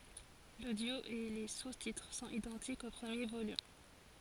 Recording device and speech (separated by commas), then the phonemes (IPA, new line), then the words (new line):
forehead accelerometer, read sentence
lodjo e le sustitʁ sɔ̃t idɑ̃tikz o pʁəmje volym
L'audio et les sous-titres sont identiques au premier volume.